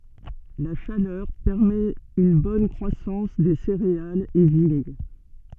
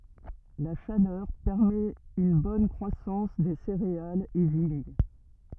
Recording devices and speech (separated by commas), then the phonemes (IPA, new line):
soft in-ear microphone, rigid in-ear microphone, read sentence
la ʃalœʁ pɛʁmɛt yn bɔn kʁwasɑ̃s de seʁealz e viɲ